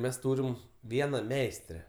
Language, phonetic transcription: Lithuanian, ˈmes ˈtūrim ˈviena ˈmeistre

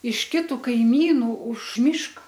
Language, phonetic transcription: Lithuanian, iš ˈkitu kaiˈmynų už ˈmiška

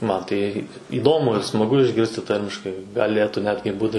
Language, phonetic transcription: Lithuanian, ˈman tai įˈdomu ir smaˈgu išˈgirsti ˈtarmiškai gaˈlėtų ˈnetgi ˈbūti

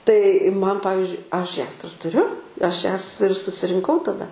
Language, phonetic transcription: Lithuanian, tai ˈman ˈpavizdžiui ˈaš ˈjas ir tuˈriu ˈaš ˈjas ir susirinˈkau taˈda

